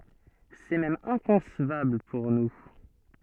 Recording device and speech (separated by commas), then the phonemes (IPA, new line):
soft in-ear microphone, read sentence
sɛ mɛm ɛ̃kɔ̃svabl puʁ nu